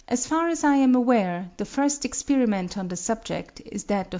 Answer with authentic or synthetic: authentic